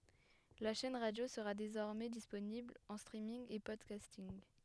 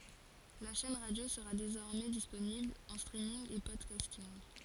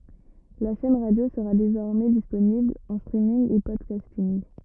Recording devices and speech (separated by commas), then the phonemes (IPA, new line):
headset microphone, forehead accelerometer, rigid in-ear microphone, read sentence
la ʃɛn ʁadjo səʁa dezɔʁmɛ disponibl ɑ̃ stʁiminɡ e pɔdkastinɡ